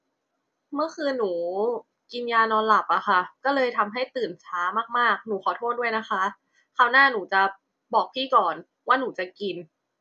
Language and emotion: Thai, frustrated